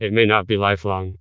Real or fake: fake